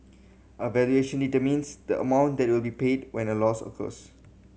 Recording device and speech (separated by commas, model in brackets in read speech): mobile phone (Samsung C7100), read sentence